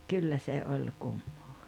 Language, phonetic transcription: Finnish, ja , 'kyllä se 'oĺ 'kummoo .
- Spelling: ja kyllä se oli kummaa

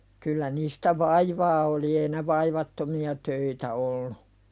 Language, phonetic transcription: Finnish, kyllä niistä "vaivaa oli ei ne 'vaivattomi₍a töitä ollu .
- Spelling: kyllä niistä vaivaa oli ei ne vaivattomia töitä ollut

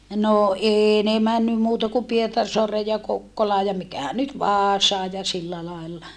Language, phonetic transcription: Finnish, no ee ne männym muuta ku Pietarsoareej ja Kokkolaa ja mikähän nyt Vaasaaj ja sillä làilla .
- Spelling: no ei ne mennyt muuta kuin Pietarsaareen ja Kokkolaan ja mikähän nyt Vaasaan ja sillä lailla

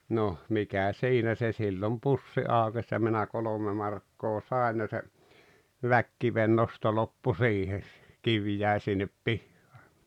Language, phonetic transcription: Finnish, 'noh , 'mikä 'siinä se sillom "pussi 'àokes ja minä 'kolome 'markkoo "sàen ja se , "väkkivennosto 'loppu "sihes sᴇ , "kiv 'jä̀i̬ sinnep "pihhᴀᴀ .
- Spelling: no mikä siinä se silloin pussi aukesi ja minä kolme markkaa sain ja se väkikivennosto loppui siihen se kivi jäi sinne pihaan

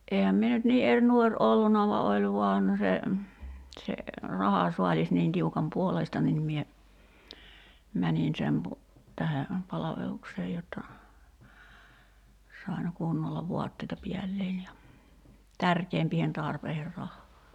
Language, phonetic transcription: Finnish, '’eehäm mie nyt nii 'er 'nuor '’olluna va 'oĺ vuan , se , se , 'raha"suaĺis niin 'tiukam "puoleista nin mie , 'mänin sem pu- , 'tähe , 'palaveluksee jotta , 'sain̳§ 'kunnolla "vuatteita 'piällein ja , "tärkeempiihen 'tarpeiher 'rahhaa .
- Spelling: enhän minä nyt niin eri nuori ollut vaan oli vain se se rahasaalis niin tiukan puoleista niin minä menin sen - tähden palvelukseen jotta sain kunnolla vaatteita päälle ja tärkeämpiin tarpeisiin rahaa

